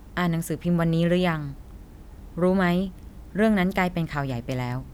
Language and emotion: Thai, neutral